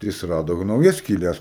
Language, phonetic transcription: Lithuanian, tai ˈjis ˈrado jau nauˈjas skyˈles

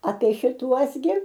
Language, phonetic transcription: Lithuanian, apie šiˈtuos gi

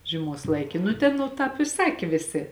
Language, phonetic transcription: Lithuanian, žieˈmos ˈlaiki nu ˈten nu ˈtāp i ˈsakė ˈvėˌsė

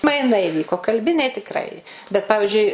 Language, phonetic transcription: Lithuanian, maiˈnai iˈvyko kalˈbiniai tikˈrai bet ˈpavižiui

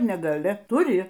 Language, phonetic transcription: Lithuanian, nega'li tuˈri

